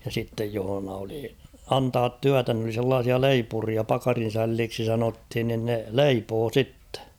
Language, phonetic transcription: Finnish, ja sittej johᵒna oli "antaat "tyätä n ‿oli 'sellaasia "leipuria 'pakarin̬sälliiksi sanothin nin ne "leipoo 'sittᴇ .
- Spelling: ja sitten jossa oli antaa työtä ne olivat sellaisia leipureita pakarinsälleiksi sanottiin niin ne leipoi sitten

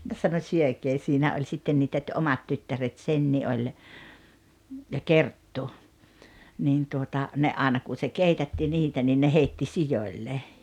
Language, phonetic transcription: Finnish, ja sano » syökee « 'siinä oĺ 'sitten 'niitä ‿t- "’omat tyttäret 'Senni 'oĺ , ja "Kerttu , 'niin tuota , ne '’aaᵉna kun̬ se 'keitätti 'niitä nii ne 'heitti "sijoⁱlle .
- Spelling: ja sanoi syökää siinä oli sitten niitä - omat tyttäret Senni oli ja Kerttu niin tuota ne aina kun se keitätti niitä niin ne heitti sioille

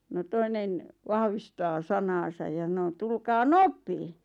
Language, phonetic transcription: Finnish, no 'toinen , 'vahvistaa "sanaasaj ja ˢᵃno » 'tulkaa "nopee « .
- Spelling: no toinen vahvistaa sanansa ja sanoi tulkaa nopeasti

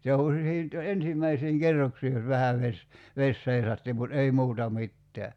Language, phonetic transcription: Finnish, se o (ku) siint , "ensimmäisiiŋ 'kerroksii jos 'vähäv ves , 'ves 'seisatti mut "ei 'muuta 'mitteä .
- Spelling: se on kun siitä ensimmäisiin kerroksiin jos vähän vesi vesi seisahti mutta ei muuta mitään

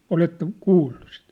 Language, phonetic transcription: Finnish, 'oletteŋk "kuullu sit ?
- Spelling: oletteko kuullut sitten

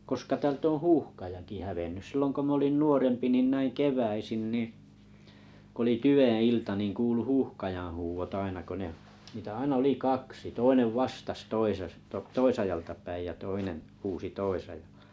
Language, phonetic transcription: Finnish, 'koska 'täl ‿oo̰ "huuhkajaki 'hävennyˢ 'sillon ko 'min ‿olin "nuorempi nin 'näiŋ "kev̀äisin ni , k ‿oli "tyʷeḛ 'ilta nin 'kuulu "huuhkajaa̰ 'huuvot aina ko ne , niitᵃ̈ 'aina 'oli "kaksi 'toinev "vastas 'toisest- - tᵃ "toisajaltapäij ja 'toinen , 'huusi "toisajaʟʟᴀ .
- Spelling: koska täältä on huuhkajakin hävinnyt silloin kun minä olin nuorempi niin näin keväisin niin kun oli tyven ilta niin kuului huuhkajan huudot aina kun ne niitä aina oli kaksi toinen vastasi - toisesta toisaalta päin ja toinen huusi toisaalla

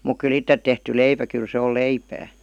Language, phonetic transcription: Finnish, muk ky"l ‿ittet tehty 'leipä kyl 'se ol "leipää .
- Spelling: mutta kyllä itse tehty leipä kyllä se on leipää

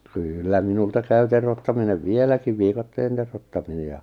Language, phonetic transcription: Finnish, 'kyyllä 'minulta käy terottaminev "vieläkiv 'vikatteen terottamine ja ,.
- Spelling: kyllä minulta käy teroittaminen vieläkin viikatteen teroittaminen ja

